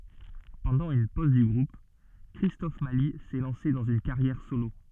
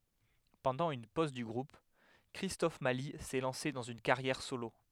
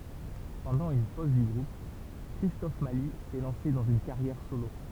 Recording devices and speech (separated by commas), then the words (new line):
soft in-ear microphone, headset microphone, temple vibration pickup, read sentence
Pendant une pause du groupe, Christophe Mali s'est lancé dans une carrière solo.